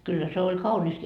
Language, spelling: Finnish, kyllä se oli kaunista
- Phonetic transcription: kyllä 'se oĺ 'kauńist .

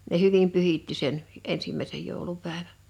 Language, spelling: Finnish, ne hyvin pyhitti sen ensimmäisen joulupäivän
- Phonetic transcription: ne 'hyvim 'pyhitti sen , 'ensimmä̀esej 'jòulupä̀evä .

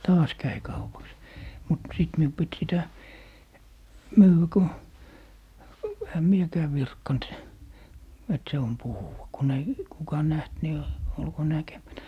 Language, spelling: Finnish, taas kävi kaupaksi mutta sitten minun piti sitä myydä kun enhän minäkään virkkanut että se on puhuva kun ei kuka nähnyt niin olkoon näkemättä
- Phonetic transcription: "taas 'käi kaupaks , mut 'sìt miu pit 'sitä , "myywä ko , ehä "miekää 'virkkant , et 'se on "puhuwa , 'kun ‿ei , 'kuka "näht ni , olko 'näkemätä .

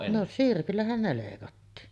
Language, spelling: Finnish, no sirpillähän ne leikattiin
- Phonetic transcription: no "sirpillähän ne 'lèikattii .

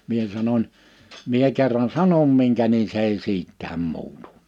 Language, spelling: Finnish, minä sanoin minä kerran sanon minkä niin se ei siitäkään muutu
- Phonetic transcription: mie sanoń : » mie 'kerran "sanom miŋkä ni(n) 's ‿ei 'siit̆tääm 'muutᴜ . «

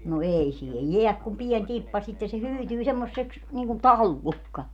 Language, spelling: Finnish, no ei siihen jää kuin pieni tippa sitten se hyytyy semmoiseksi niin kuin pallukka
- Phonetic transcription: no 'ei siihej 'jeäk kum 'pien 'tippa sitten̬ se 'hyytyy semmosseks , niiŋkum "pallukka .

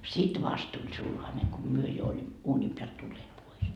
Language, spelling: Finnish, sitten vasta tuli sulhanen kun me jo olimme uunin päältä tulleet pois
- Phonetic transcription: "sit 'vast tuĺ 'sulhane ko "myö jo olim- , 'uuńim peält tulleet 'pois .

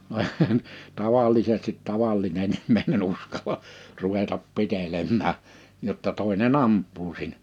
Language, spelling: Finnish, no eihän tavallisesti tavallinen ihminen uskalla ruveta pitelemään jotta toinen ampuu siinä
- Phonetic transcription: (no eihän) , 'tavallisestit 'tavallinen ‿immèinen 'uskal̀a , 'ruvetap 'pitelemmää , jotta 'tòine"n ‿amp̆puu siinᴀ̈ .

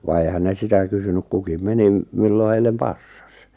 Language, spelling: Finnish, vaan eihän ne sitä kysynyt kukin meni milloin heille passasi
- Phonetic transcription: va 'èⁱhän ne 'sitä kysynyk kukim 'menim , 'millo 'heil̆lem "passᴀs .

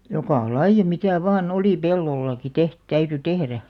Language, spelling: Finnish, joka lajia mitä vain oli pellollakin - täytyi tehdä
- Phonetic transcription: jokà "laij̆ja mitä̀ 'vaa'n ‿olì "pellollaki 'teht- 'täyty "tehrä .

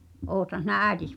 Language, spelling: Finnish, olethan sinä äitisi
- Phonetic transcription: '’oothan̬ sinä "ä̀i̬tis .

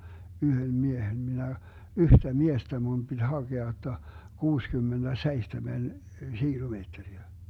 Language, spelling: Finnish, yhden miehen minä yhtä miestä minun piti hakea jotta kuusikymmentäseitsemän kilometriä
- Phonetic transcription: 'yhöm "miehen 'minä , 'yhtä "miestä mun BiD 'haGea jotta , 'kuuskymmenDä'seihtemen , 'šiilumeetteriä .

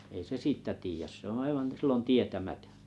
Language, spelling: Finnish, ei se siitä tiedä se on aivan silloin tietämätön
- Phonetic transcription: ei se "siittä 'tiijäs se ‿on̬ 'aivan 'sillon 'tietämätᴏ̈ .

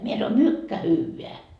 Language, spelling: Finnish, minä sanoin mycket hyvää
- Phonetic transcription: mie sano » "mykkä 'hyyveä » .

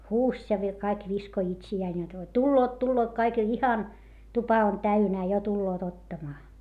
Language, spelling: Finnish, huusi ja - kaikki viskoi itseään jotta tulevat tulevat kaikki jo ihan tupa on täynnä jo tulevat ottamaan
- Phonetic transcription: huuś ja vi - kaik viskoⁱ itsi₍ään jot » tulloot tulloot kaik jo ihan , tupa on täynää - jo tulloot ottamaa » .

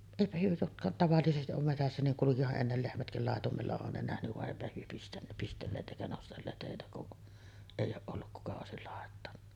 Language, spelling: Finnish, eipä he jotka tavallisesti on metsässä niin kulkihan ennen lehmätkin laitumella on ne nähnyt vaan eipä he - pistelleet eikä nostelleet heitä kun ei ole ollut kuka olisi laittanut
- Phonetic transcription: 'èipä hyö jotka , 'tavallisesti’ ’om metässä niŋ 'kulukiha’ ’ennel 'lehmätkil làetumella on ne 'nähnyv vaˀ 'ˀèipä hyö pistän- , 'pistelleet ’èikä 'nostelleet hèitä kuˀ , èij̆j ‿ooˀ ˀolluk 'kuka òesil làettanna .

